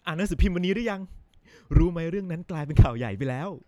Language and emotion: Thai, happy